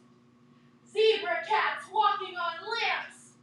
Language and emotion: English, happy